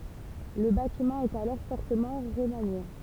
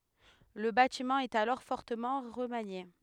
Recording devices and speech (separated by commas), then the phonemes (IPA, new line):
temple vibration pickup, headset microphone, read sentence
lə batimɑ̃ ɛt alɔʁ fɔʁtəmɑ̃ ʁəmanje